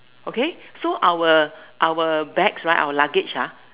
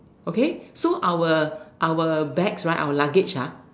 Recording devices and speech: telephone, standing microphone, conversation in separate rooms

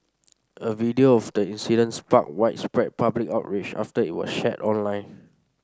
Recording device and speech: standing microphone (AKG C214), read sentence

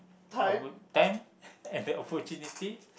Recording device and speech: boundary microphone, conversation in the same room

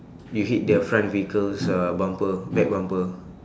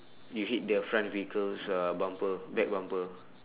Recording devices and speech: standing microphone, telephone, conversation in separate rooms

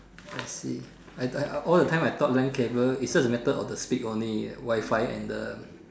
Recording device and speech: standing microphone, conversation in separate rooms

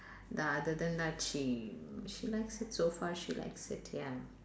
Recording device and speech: standing microphone, conversation in separate rooms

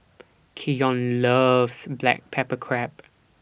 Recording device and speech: boundary microphone (BM630), read sentence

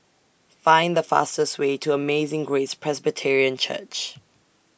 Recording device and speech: boundary microphone (BM630), read sentence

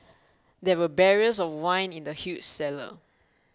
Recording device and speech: close-talking microphone (WH20), read sentence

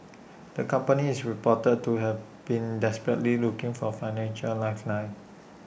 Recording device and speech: boundary microphone (BM630), read sentence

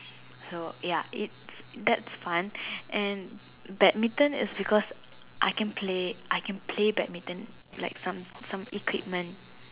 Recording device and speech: telephone, conversation in separate rooms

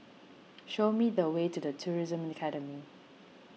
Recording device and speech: mobile phone (iPhone 6), read sentence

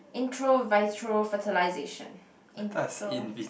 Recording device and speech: boundary microphone, conversation in the same room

